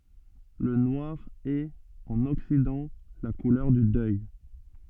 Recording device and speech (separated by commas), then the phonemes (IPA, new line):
soft in-ear microphone, read sentence
lə nwaʁ ɛt ɑ̃n ɔksidɑ̃ la kulœʁ dy dœj